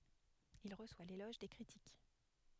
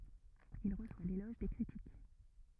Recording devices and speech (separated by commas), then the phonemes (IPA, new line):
headset microphone, rigid in-ear microphone, read sentence
il ʁəswa lelɔʒ de kʁitik